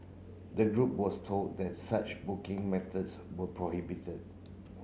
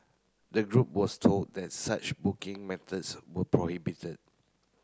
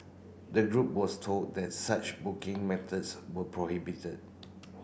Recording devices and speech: mobile phone (Samsung C9), close-talking microphone (WH30), boundary microphone (BM630), read sentence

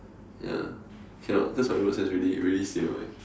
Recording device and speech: standing microphone, conversation in separate rooms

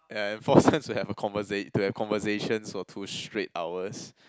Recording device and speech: close-talking microphone, conversation in the same room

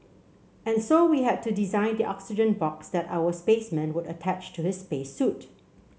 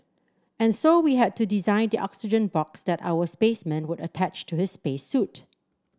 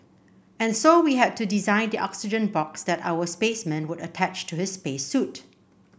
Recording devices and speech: mobile phone (Samsung C7), standing microphone (AKG C214), boundary microphone (BM630), read sentence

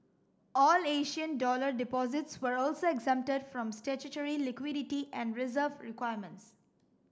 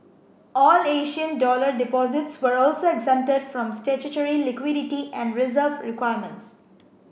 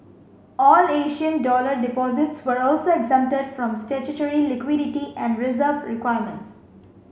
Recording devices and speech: standing microphone (AKG C214), boundary microphone (BM630), mobile phone (Samsung C5), read sentence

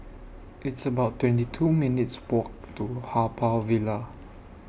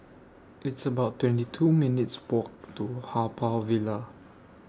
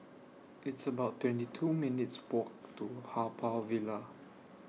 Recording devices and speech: boundary microphone (BM630), standing microphone (AKG C214), mobile phone (iPhone 6), read sentence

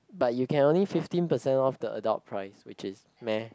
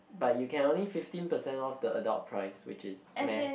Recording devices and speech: close-talking microphone, boundary microphone, conversation in the same room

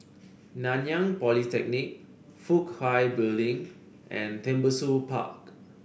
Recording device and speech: boundary microphone (BM630), read sentence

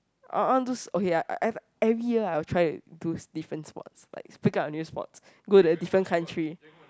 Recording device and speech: close-talking microphone, conversation in the same room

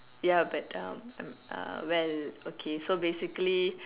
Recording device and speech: telephone, conversation in separate rooms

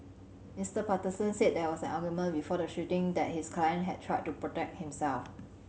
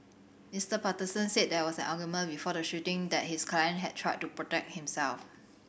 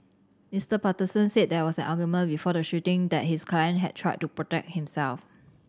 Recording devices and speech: mobile phone (Samsung C7100), boundary microphone (BM630), standing microphone (AKG C214), read sentence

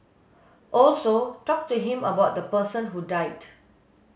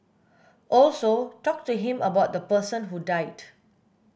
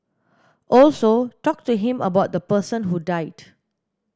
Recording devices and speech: mobile phone (Samsung S8), boundary microphone (BM630), standing microphone (AKG C214), read sentence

